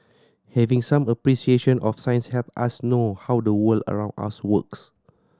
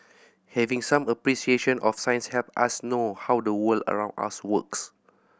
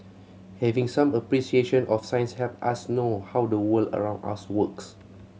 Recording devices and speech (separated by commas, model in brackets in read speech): standing microphone (AKG C214), boundary microphone (BM630), mobile phone (Samsung C7100), read sentence